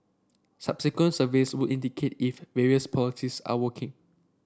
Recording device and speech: standing microphone (AKG C214), read sentence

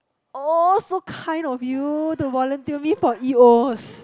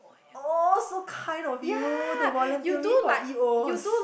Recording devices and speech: close-talking microphone, boundary microphone, conversation in the same room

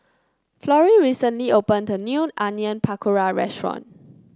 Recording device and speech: close-talking microphone (WH30), read sentence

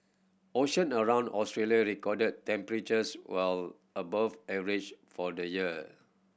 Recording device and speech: boundary microphone (BM630), read sentence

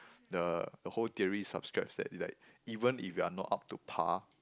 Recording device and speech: close-talking microphone, conversation in the same room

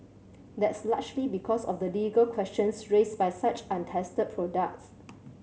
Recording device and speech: mobile phone (Samsung C7100), read sentence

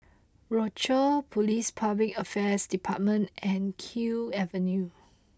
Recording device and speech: close-talking microphone (WH20), read sentence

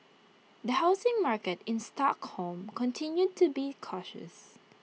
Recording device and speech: mobile phone (iPhone 6), read sentence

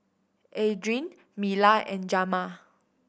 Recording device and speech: boundary microphone (BM630), read sentence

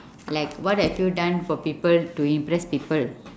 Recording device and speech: standing microphone, conversation in separate rooms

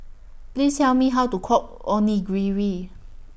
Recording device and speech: boundary microphone (BM630), read sentence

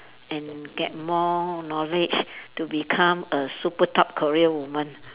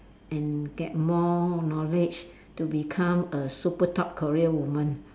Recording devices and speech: telephone, standing microphone, conversation in separate rooms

